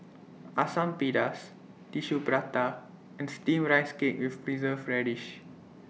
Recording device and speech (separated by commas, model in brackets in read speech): mobile phone (iPhone 6), read sentence